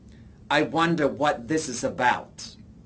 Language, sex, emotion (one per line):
English
male
disgusted